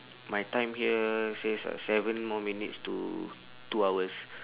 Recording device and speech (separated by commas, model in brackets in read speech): telephone, conversation in separate rooms